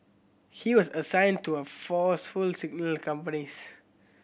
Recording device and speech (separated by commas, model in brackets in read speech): boundary microphone (BM630), read sentence